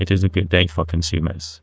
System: TTS, neural waveform model